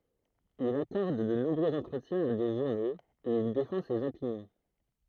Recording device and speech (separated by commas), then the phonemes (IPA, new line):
throat microphone, read sentence
il akɔʁd də nɔ̃bʁøz ɑ̃tʁətjɛ̃z a de ʒuʁnoz u il defɑ̃ sez opinjɔ̃